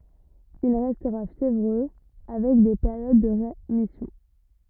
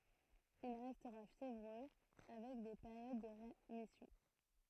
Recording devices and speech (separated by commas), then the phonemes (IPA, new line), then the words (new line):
rigid in-ear microphone, throat microphone, read sentence
il ʁɛstʁa fjevʁø avɛk de peʁjod də ʁemisjɔ̃
Il restera fiévreux, avec des périodes de rémission.